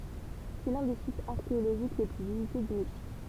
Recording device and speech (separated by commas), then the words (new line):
temple vibration pickup, read sentence
C’est l'un des sites archéologiques les plus visités du Mexique.